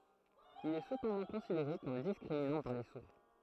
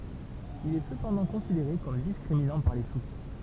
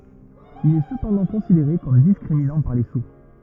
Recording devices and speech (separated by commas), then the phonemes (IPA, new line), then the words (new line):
throat microphone, temple vibration pickup, rigid in-ear microphone, read sentence
il ɛ səpɑ̃dɑ̃ kɔ̃sideʁe kɔm diskʁiminɑ̃ paʁ le suʁ
Il est cependant considéré comme discriminant par les sourds.